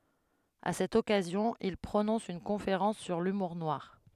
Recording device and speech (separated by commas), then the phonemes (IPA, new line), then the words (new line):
headset microphone, read sentence
a sɛt ɔkazjɔ̃ il pʁonɔ̃s yn kɔ̃feʁɑ̃s syʁ lymuʁ nwaʁ
À cette occasion, il prononce une conférence sur l’humour noir.